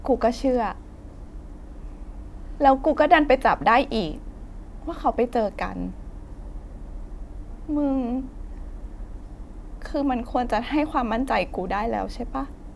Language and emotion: Thai, sad